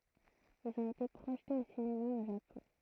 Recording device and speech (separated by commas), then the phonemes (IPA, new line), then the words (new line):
throat microphone, read sentence
ilz ɔ̃t ete pʁoʒtez o sinema o ʒapɔ̃
Ils ont été projetés au cinéma au Japon.